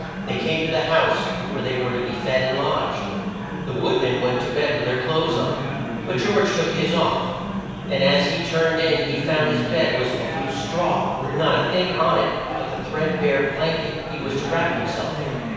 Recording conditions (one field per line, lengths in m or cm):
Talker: one person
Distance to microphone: 7.1 m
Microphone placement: far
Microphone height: 1.7 m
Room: very reverberant, large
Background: babble